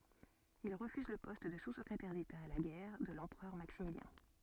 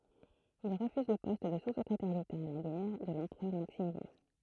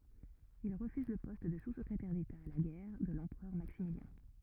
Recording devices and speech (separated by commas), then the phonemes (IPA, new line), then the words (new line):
soft in-ear microphone, throat microphone, rigid in-ear microphone, read sentence
il ʁəfyz lə pɔst də suskʁetɛʁ deta a la ɡɛʁ də lɑ̃pʁœʁ maksimiljɛ̃
Il refuse le poste de sous-secrétaire d'État à la guerre de l'empereur Maximilien.